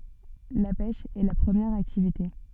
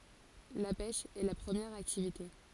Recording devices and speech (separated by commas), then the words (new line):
soft in-ear microphone, forehead accelerometer, read sentence
La pêche est la première activité.